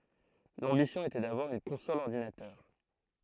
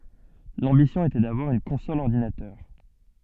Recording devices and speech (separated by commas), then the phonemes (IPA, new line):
throat microphone, soft in-ear microphone, read sentence
lɑ̃bisjɔ̃ etɛ davwaʁ yn kɔ̃sɔl ɔʁdinatœʁ